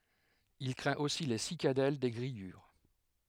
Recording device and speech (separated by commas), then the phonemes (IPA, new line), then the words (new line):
headset microphone, read sentence
il kʁɛ̃t osi le sikadɛl de ɡʁijyʁ
Il craint aussi les cicadelles des grillures.